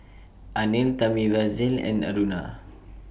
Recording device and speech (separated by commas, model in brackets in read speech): boundary microphone (BM630), read sentence